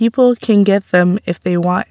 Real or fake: real